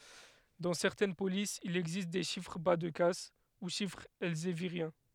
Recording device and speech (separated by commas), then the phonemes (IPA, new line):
headset microphone, read sentence
dɑ̃ sɛʁtɛn polisz il ɛɡzist de ʃifʁ ba də kas u ʃifʁz ɛlzeviʁjɛ̃